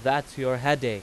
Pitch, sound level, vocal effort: 135 Hz, 95 dB SPL, very loud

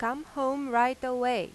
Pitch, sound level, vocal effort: 255 Hz, 93 dB SPL, loud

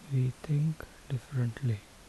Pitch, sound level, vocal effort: 125 Hz, 71 dB SPL, soft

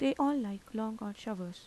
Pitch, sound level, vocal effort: 220 Hz, 82 dB SPL, soft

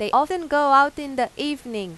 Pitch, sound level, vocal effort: 275 Hz, 96 dB SPL, loud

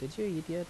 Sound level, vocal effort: 81 dB SPL, normal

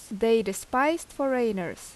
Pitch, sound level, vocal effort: 230 Hz, 84 dB SPL, loud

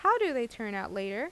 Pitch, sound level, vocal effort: 230 Hz, 87 dB SPL, normal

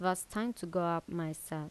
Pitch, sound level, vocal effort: 175 Hz, 82 dB SPL, normal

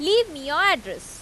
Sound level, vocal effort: 94 dB SPL, loud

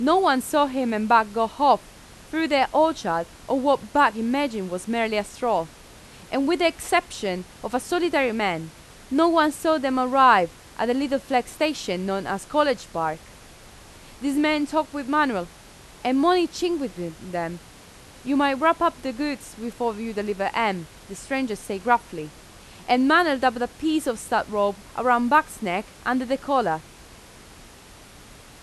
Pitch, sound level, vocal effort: 245 Hz, 90 dB SPL, loud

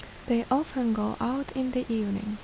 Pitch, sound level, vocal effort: 245 Hz, 73 dB SPL, soft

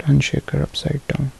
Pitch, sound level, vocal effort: 145 Hz, 68 dB SPL, soft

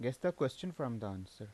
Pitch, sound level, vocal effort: 125 Hz, 83 dB SPL, normal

